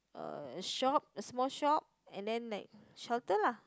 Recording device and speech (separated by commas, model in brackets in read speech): close-talking microphone, conversation in the same room